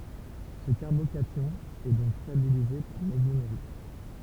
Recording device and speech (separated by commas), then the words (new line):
temple vibration pickup, read sentence
Ce carbocation est donc stabilisé par mésomérie.